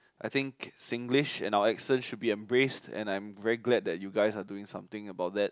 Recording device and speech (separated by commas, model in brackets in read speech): close-talking microphone, conversation in the same room